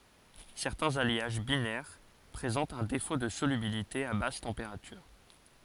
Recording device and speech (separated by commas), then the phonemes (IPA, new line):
forehead accelerometer, read sentence
sɛʁtɛ̃z aljaʒ binɛʁ pʁezɑ̃tt œ̃ defo də solybilite a bas tɑ̃peʁatyʁ